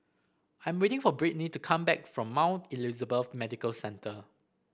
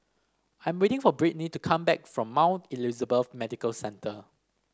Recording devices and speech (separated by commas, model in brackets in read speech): boundary microphone (BM630), standing microphone (AKG C214), read sentence